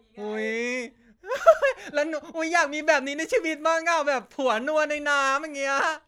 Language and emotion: Thai, happy